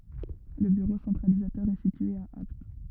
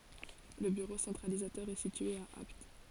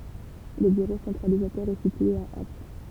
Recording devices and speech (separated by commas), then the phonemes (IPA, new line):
rigid in-ear microphone, forehead accelerometer, temple vibration pickup, read sentence
lə byʁo sɑ̃tʁalizatœʁ ɛ sitye a apt